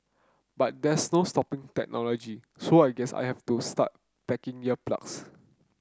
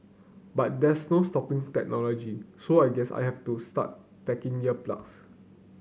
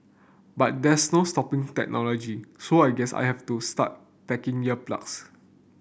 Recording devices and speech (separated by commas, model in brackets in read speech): close-talking microphone (WH30), mobile phone (Samsung C9), boundary microphone (BM630), read sentence